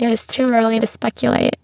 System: VC, spectral filtering